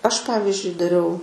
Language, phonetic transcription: Lithuanian, ˈaš ˈpavizdžiui daˈriau

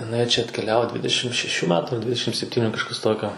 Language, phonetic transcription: Lithuanian, iˈnai čia atkeˈliavo ˈdvidešim šeˈšių ˈmetu ˈdvidešim sepˈtyniu kažˈkas ˈtokio

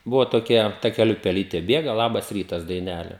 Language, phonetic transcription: Lithuanian, ˈbuvo toˈkia takeˈliu peˈlytė ˈbėga ˈlabas ˈrytas daiˈnele

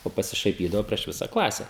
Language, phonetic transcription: Lithuanian, o pasišaiˈpydavo prieš ˈvisa ˈklase

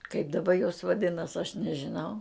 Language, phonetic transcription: Lithuanian, kaip daˈba jos vaˈdinas aš nežiˈnau

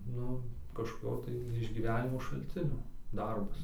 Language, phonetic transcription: Lithuanian, ˈnu kažkoˈkio tai išgyˈvenimo šalˈcinio ˈdarbas

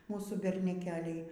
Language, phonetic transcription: Lithuanian, ˈmūsų berneˈkeliai

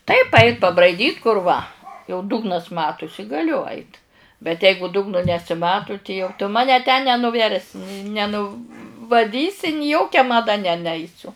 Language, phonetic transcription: Lithuanian, taip ˈait pabraiˈdyt kur ˈva jau ˈdugnas ˈmatusi gaˈliu ˈait bet ˈeigu ˈdugnu nesiˈmatu ti jau tu ˈmane ten nenuˈversi neˈ nu vaˈdysi ni ˈjokia maˈda ne ˈneisiu

